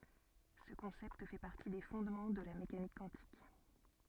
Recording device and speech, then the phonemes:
soft in-ear microphone, read sentence
sə kɔ̃sɛpt fɛ paʁti de fɔ̃dmɑ̃ də la mekanik kwɑ̃tik

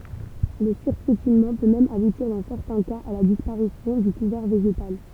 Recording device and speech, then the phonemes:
temple vibration pickup, read sentence
lə syʁpjetinmɑ̃ pø mɛm abutiʁ dɑ̃ sɛʁtɛ̃ kaz a la dispaʁisjɔ̃ dy kuvɛʁ veʒetal

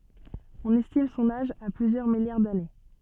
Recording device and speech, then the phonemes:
soft in-ear microphone, read sentence
ɔ̃n ɛstim sɔ̃n aʒ a plyzjœʁ miljaʁ dane

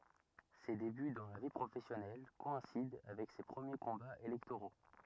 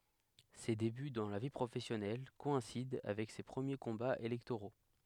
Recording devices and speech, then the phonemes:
rigid in-ear microphone, headset microphone, read sentence
se deby dɑ̃ la vi pʁofɛsjɔnɛl kɔɛ̃sid avɛk se pʁəmje kɔ̃baz elɛktoʁo

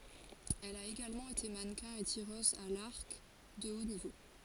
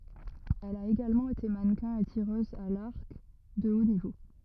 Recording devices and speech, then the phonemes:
forehead accelerometer, rigid in-ear microphone, read sentence
ɛl a eɡalmɑ̃ ete manəkɛ̃ e tiʁøz a laʁk də o nivo

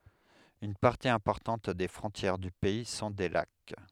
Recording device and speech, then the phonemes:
headset microphone, read sentence
yn paʁti ɛ̃pɔʁtɑ̃t de fʁɔ̃tjɛʁ dy pɛi sɔ̃ de lak

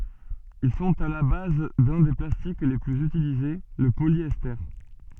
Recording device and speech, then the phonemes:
soft in-ear microphone, read sentence
il sɔ̃t a la baz dœ̃ de plastik le plyz ytilize lə poljɛste

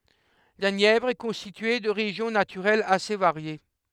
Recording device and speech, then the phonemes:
headset microphone, read sentence
la njɛvʁ ɛ kɔ̃stitye də ʁeʒjɔ̃ natyʁɛlz ase vaʁje

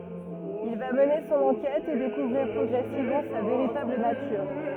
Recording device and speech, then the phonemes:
rigid in-ear microphone, read sentence
il va məne sɔ̃n ɑ̃kɛt e dekuvʁiʁ pʁɔɡʁɛsivmɑ̃ sa veʁitabl natyʁ

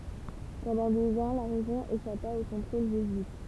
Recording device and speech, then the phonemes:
temple vibration pickup, read sentence
pɑ̃dɑ̃ døz ɑ̃ la ʁeʒjɔ̃ eʃapa o kɔ̃tʁol ʒezyit

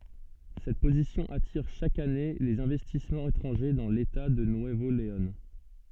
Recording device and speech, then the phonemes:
soft in-ear microphone, read sentence
sɛt pozisjɔ̃ atiʁ ʃak ane lez ɛ̃vɛstismɑ̃z etʁɑ̃ʒe dɑ̃ leta də nyəvo leɔ̃

